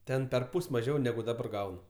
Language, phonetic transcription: Lithuanian, ˈten perˈpus' maˈžiau neˈgu daˈbar ˈgaunu

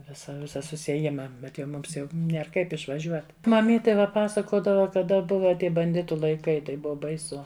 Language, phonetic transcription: Lithuanian, ˈvisa ˈvisa susieˈjima ˈbet jau ˈmums jau nˈier ˈkaip išvaˈžiuot maˈmytė ˈva ˈpasakodava kaˈda ˈbuva ˈtie banˈditu laiˈkai tai ˈbuva baiˈsu

